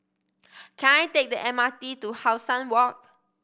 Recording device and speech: boundary microphone (BM630), read sentence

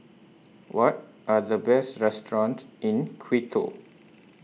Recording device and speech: mobile phone (iPhone 6), read sentence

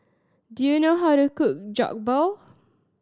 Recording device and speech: standing microphone (AKG C214), read sentence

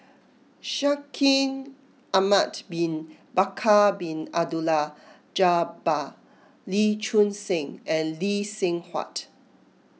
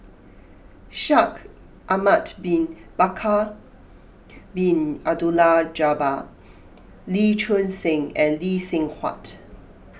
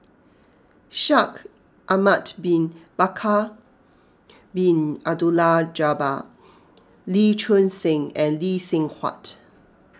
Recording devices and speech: mobile phone (iPhone 6), boundary microphone (BM630), close-talking microphone (WH20), read sentence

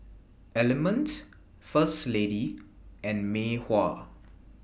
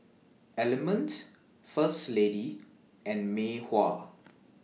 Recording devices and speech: boundary microphone (BM630), mobile phone (iPhone 6), read sentence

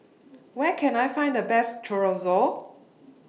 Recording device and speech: mobile phone (iPhone 6), read sentence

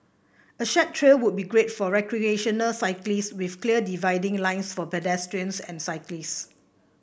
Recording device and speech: boundary microphone (BM630), read sentence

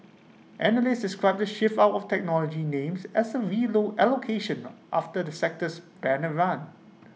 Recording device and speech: mobile phone (iPhone 6), read sentence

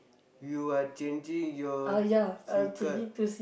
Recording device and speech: boundary microphone, conversation in the same room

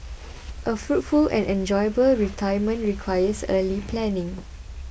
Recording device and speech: boundary microphone (BM630), read sentence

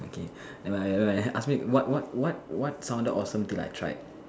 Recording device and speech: standing microphone, conversation in separate rooms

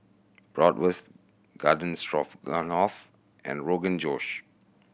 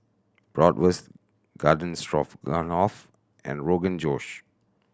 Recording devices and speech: boundary microphone (BM630), standing microphone (AKG C214), read sentence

